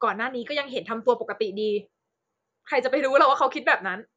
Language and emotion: Thai, frustrated